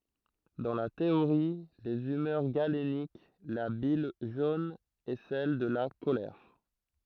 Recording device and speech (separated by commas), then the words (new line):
throat microphone, read sentence
Dans la théorie des humeurs galénique, la bile jaune est celle de la colère.